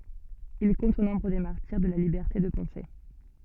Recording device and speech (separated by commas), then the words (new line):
soft in-ear microphone, read sentence
Il compte au nombre des martyrs de la liberté de penser.